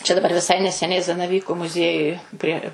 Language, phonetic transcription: Lithuanian, čia daˈbar viˈsai neseˈniai zanaˈvyku muˈziejuj prie

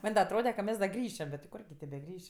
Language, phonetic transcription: Lithuanian, ˈman' da atˈrode ka ˈmes da ˈgrįšem bet ti ˈkurgi tė beˈgriš'

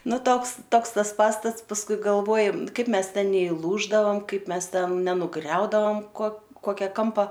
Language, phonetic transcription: Lithuanian, ˈnu ˈtoks ˈtoks ˈtas ˈpastats pasˈkui galˈvojom ˈkaip ˈmes ˈten neiˈlūždavam ˈkaip ˈmes ˈten nenuˈgriaudavam ko ˈkokia ˈkampa

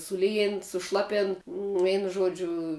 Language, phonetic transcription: Lithuanian, suˈlyjėn suˈšlapėn ˈveinu ˈžuodžiu

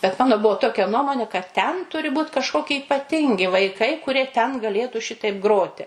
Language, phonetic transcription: Lithuanian, bet ˈmano ˈbuo ˈtokia ˈnuomonė kad ten ˈturi ˈbūt kažˈkoki ipaˈtingi vaiˈkai kuˈrie ten gaˈlėtų ˈšitaip ˈgroti

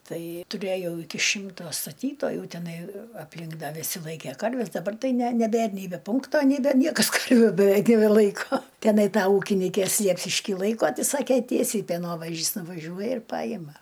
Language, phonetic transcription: Lithuanian, ˈtai tuˈrėjau ˈiki ˈšimto staˈtytojų teˈnai apˈlink ˈda viˈsi ˈlaikė ˈkarves daˈbar ˈtai ne neˈbėr nei be ˈpunkto nei ˈda ˈniekas ˈkarviu beˈveik nebeˈlaiko teˈnai ˈta ˈūkinikės ˈsliepšišky ˈlaiko ˈtai ˈsakė ˈtiesiai peˈnovažis nuvaˈžiuoja ir ˈpajima

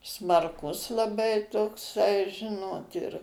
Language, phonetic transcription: Lithuanian, smarˈkus laˈbai tokˈsai ˈžinot ir

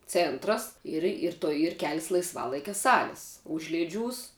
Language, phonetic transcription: Lithuanian, ˈcėntras ir ir ˈtoj ir ˈkelis laisˈvalaikia ˈsalis ˈužlėˌdžiūs

